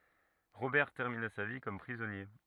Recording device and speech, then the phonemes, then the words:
rigid in-ear microphone, read sentence
ʁobɛʁ tɛʁmina sa vi kɔm pʁizɔnje
Robert termina sa vie comme prisonnier.

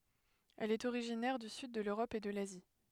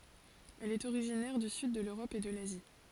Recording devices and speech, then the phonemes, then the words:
headset microphone, forehead accelerometer, read sentence
ɛl ɛt oʁiʒinɛʁ dy syd də løʁɔp e də lazi
Elle est originaire du sud de l'Europe et de l'Asie.

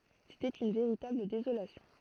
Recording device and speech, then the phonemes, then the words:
throat microphone, read sentence
setɛt yn veʁitabl dezolasjɔ̃
C'était une véritable désolation.

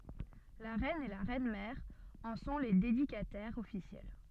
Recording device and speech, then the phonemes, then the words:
soft in-ear microphone, read sentence
la ʁɛn e la ʁɛnmɛʁ ɑ̃ sɔ̃ le dedikatɛʁz ɔfisjɛl
La reine et la reine-mère en sont les dédicataires officielles.

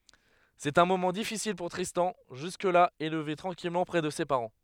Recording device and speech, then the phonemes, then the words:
headset microphone, read sentence
sɛt œ̃ momɑ̃ difisil puʁ tʁistɑ̃ ʒysk la elve tʁɑ̃kilmɑ̃ pʁɛ də se paʁɑ̃
C'est un moment difficile pour Tristan, jusque-là élevé tranquillement près de ses parents.

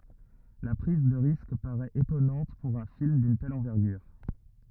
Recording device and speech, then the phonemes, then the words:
rigid in-ear microphone, read sentence
la pʁiz də ʁisk paʁɛt etɔnɑ̃t puʁ œ̃ film dyn tɛl ɑ̃vɛʁɡyʁ
La prise de risque paraît étonnante pour un film d'une telle envergure.

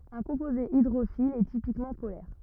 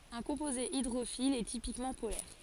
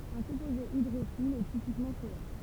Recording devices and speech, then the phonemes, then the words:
rigid in-ear microphone, forehead accelerometer, temple vibration pickup, read sentence
œ̃ kɔ̃poze idʁofil ɛ tipikmɑ̃ polɛʁ
Un composé hydrophile est typiquement polaire.

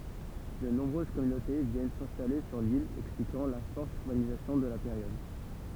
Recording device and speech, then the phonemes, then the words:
temple vibration pickup, read sentence
də nɔ̃bʁøz kɔmynote vjɛn sɛ̃stale syʁ lil ɛksplikɑ̃ la fɔʁt yʁbanizasjɔ̃ də la peʁjɔd
De nombreuses communautés viennent s’installer sur l’île, expliquant la forte urbanisation de la période.

